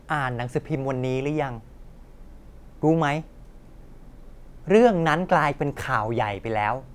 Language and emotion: Thai, neutral